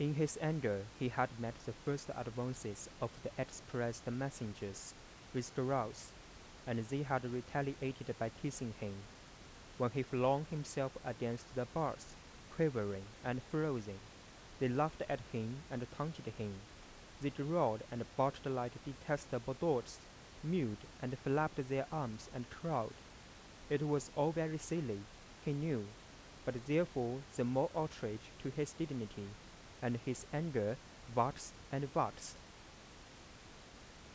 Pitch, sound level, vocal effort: 130 Hz, 85 dB SPL, soft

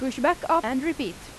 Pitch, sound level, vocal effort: 310 Hz, 88 dB SPL, loud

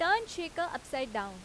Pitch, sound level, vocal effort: 325 Hz, 92 dB SPL, very loud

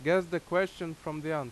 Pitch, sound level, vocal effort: 170 Hz, 89 dB SPL, very loud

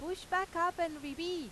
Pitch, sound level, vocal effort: 340 Hz, 96 dB SPL, very loud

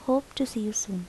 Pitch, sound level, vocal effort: 235 Hz, 75 dB SPL, soft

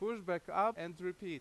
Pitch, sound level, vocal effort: 180 Hz, 93 dB SPL, very loud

